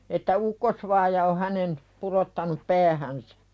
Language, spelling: Finnish, että ukkosvaaja on hänen pudottanut päähänsä
- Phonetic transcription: että 'ukkosvaaja o hänen , purottanup "päähänsᴀ̈ .

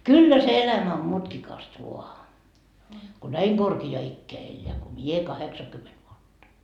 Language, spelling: Finnish, kyllä se elämä on mutkikasta vain kun näin korkeaan ikään elää kuin minä kahdeksankymmentä vuotta
- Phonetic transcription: 'kyllä se 'elämä om 'mutkikast vua , ko "näi korki₍aa 'ikkeä elleä ko "mie 'kaheksakymmet vuotta .

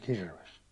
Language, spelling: Finnish, kirves
- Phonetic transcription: kirves .

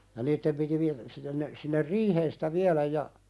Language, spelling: Finnish, ja niiden piti - sinne ne sinne riiheen sitä viedä ja
- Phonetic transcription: ja 'niittem piti vi- , sinnen ne , sinner "riiheen sɪtä 'vialäj ja ,.

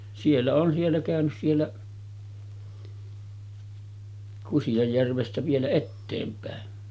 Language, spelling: Finnish, siellä olen siellä käynyt siellä Kusianjärvestä vielä eteenpäin
- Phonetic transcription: 'siellä oon siellä kä̀önys 'siellä , 'Kusijajjärvestä vielä "etteempä̀en .

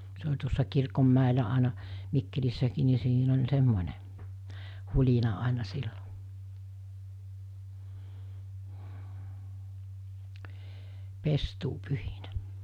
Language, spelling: Finnish, se oli tuossa kirkonmäellä aina Mikkelissäkin niin siinä oli semmoinen hulina aina silloin pestuupyhinä
- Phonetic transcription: se oĺ tuossa kirkommä̀elä àena , 'Mikkelissäkii ni siin ‿oĺ 'semmońe , 'huĺina àena 'sillo , 'pestuupyhinä .

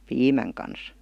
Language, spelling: Finnish, piimän kanssa
- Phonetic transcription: piimäŋ kans .

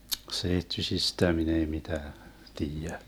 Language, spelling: Finnish, seittyisistä minä ei mitään tiedä
- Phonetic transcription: 'seittysistä 'min ‿ei 'mitää , 'tiijä .

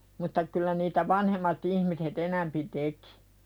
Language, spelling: Finnish, mutta kyllä niitä vanhemmat ihmiset enempi teki
- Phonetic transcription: mutta kyl̆lä niitä "vanhemma't ‿ihmise"t ‿enämpi tekɪ .

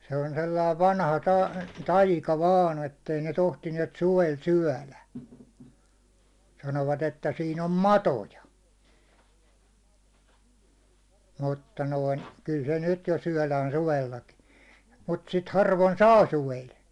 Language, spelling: Finnish, se on sellainen vanha - taika vain että ei ne tohtineet suvella syödä sanoivat että siinä on matoja mutta noin kyllä se nyt jo syödään suvellakin mutta sitä harvoin saa suvella
- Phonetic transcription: se on sellai 'vanha ta- , "taika 'vaan , 'ettei ne tohtiniɛt 'suvel "syäₒlä , 'sanovat että siin ‿om "matoja , mutta noin , kyl se 'nyt jo syäₒlään 'suvellakin̬ , mut sit harvon "saa 'suvel .

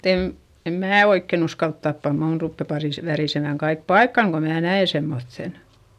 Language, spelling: Finnish, mutta en en minä oikein uskalla tappaa minun rupeaa - värisemään kaikki paikkani kun minä näen semmoisen
- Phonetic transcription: mutt ‿em , em mää oikken ‿uskalt tappa - muun ruppe parìs- , värìsemä̀ŋ kaik paikkaŋ ko mnää nä₍e semmoϑϑen .

